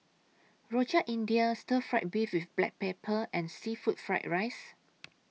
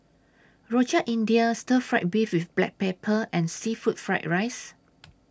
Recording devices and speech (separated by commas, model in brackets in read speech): mobile phone (iPhone 6), standing microphone (AKG C214), read sentence